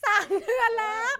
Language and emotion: Thai, happy